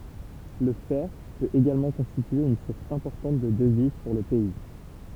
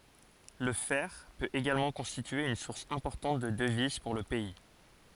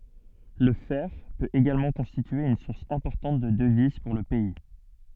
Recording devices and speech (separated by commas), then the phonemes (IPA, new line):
temple vibration pickup, forehead accelerometer, soft in-ear microphone, read sentence
lə fɛʁ pøt eɡalmɑ̃ kɔ̃stitye yn suʁs ɛ̃pɔʁtɑ̃t də dəviz puʁ lə pɛi